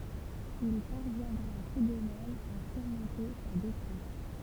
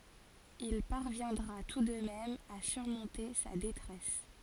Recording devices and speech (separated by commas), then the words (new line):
temple vibration pickup, forehead accelerometer, read sentence
Il parviendra tout de même à surmonter sa détresse.